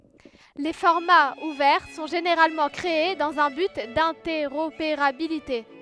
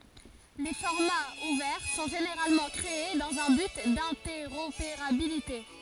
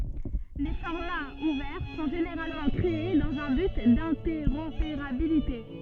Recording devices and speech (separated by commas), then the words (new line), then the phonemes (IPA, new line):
headset microphone, forehead accelerometer, soft in-ear microphone, read sentence
Les formats ouverts sont généralement créés dans un but d’interopérabilité.
le fɔʁmaz uvɛʁ sɔ̃ ʒeneʁalmɑ̃ kʁee dɑ̃z œ̃ byt dɛ̃tɛʁopeʁabilite